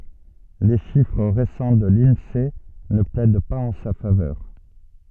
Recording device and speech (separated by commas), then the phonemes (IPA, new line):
soft in-ear microphone, read sentence
le ʃifʁ ʁesɑ̃ də linse nə plɛd paz ɑ̃ sa favœʁ